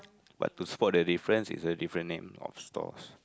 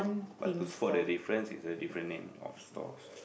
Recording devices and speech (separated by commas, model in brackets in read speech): close-talking microphone, boundary microphone, conversation in the same room